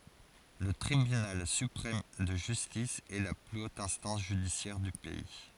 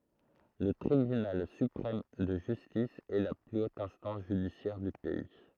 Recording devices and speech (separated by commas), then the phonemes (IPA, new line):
forehead accelerometer, throat microphone, read sentence
lə tʁibynal sypʁɛm də ʒystis ɛ la ply ot ɛ̃stɑ̃s ʒydisjɛʁ dy pɛi